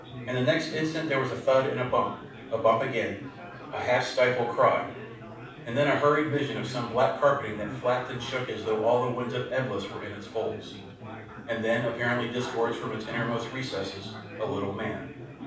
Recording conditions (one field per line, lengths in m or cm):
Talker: one person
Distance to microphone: 5.8 m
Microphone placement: far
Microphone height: 1.8 m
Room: medium-sized (5.7 m by 4.0 m)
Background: babble